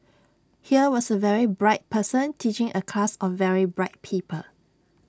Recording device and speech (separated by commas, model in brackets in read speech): standing microphone (AKG C214), read sentence